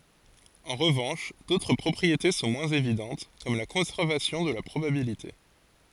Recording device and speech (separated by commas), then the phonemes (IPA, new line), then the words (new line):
forehead accelerometer, read sentence
ɑ̃ ʁəvɑ̃ʃ dotʁ pʁɔpʁiete sɔ̃ mwɛ̃z evidɑ̃t kɔm la kɔ̃sɛʁvasjɔ̃ də la pʁobabilite
En revanche, d'autres propriétés sont moins évidentes, comme la conservation de la probabilité.